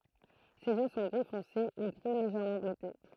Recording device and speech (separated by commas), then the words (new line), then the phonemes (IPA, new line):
throat microphone, read sentence
Ses yeux sont gris foncé ou gris légèrement bleuté.
sez jø sɔ̃ ɡʁi fɔ̃se u ɡʁi leʒɛʁmɑ̃ bløte